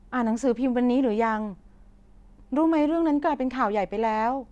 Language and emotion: Thai, frustrated